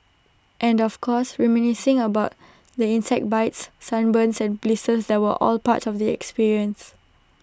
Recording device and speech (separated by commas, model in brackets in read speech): standing microphone (AKG C214), read sentence